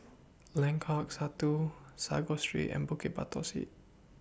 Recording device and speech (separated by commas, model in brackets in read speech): boundary microphone (BM630), read sentence